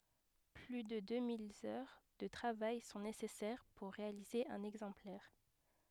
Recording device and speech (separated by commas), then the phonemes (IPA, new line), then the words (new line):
headset microphone, read sentence
ply də dø mil œʁ də tʁavaj sɔ̃ nesɛsɛʁ puʁ ʁealize œ̃n ɛɡzɑ̃plɛʁ
Plus de deux mille heures de travail sont nécessaires pour réaliser un exemplaire.